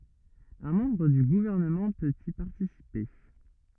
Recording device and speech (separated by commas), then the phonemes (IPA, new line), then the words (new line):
rigid in-ear microphone, read sentence
œ̃ mɑ̃bʁ dy ɡuvɛʁnəmɑ̃ pøt i paʁtisipe
Un membre du Gouvernement peut y participer.